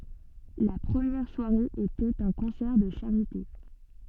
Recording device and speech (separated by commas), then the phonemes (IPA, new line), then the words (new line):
soft in-ear microphone, read sentence
la pʁəmjɛʁ swaʁe etɛt œ̃ kɔ̃sɛʁ də ʃaʁite
La première soirée était un concert de charité.